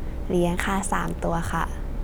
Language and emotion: Thai, neutral